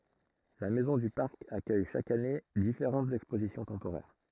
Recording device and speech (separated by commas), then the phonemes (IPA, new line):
throat microphone, read sentence
la mɛzɔ̃ dy paʁk akœj ʃak ane difeʁɑ̃tz ɛkspozisjɔ̃ tɑ̃poʁɛʁ